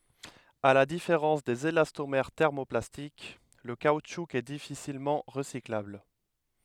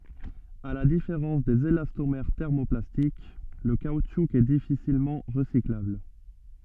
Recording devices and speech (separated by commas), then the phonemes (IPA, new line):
headset microphone, soft in-ear microphone, read sentence
a la difeʁɑ̃s dez elastomɛʁ tɛʁmoplastik lə kautʃu ɛ difisilmɑ̃ ʁəsiklabl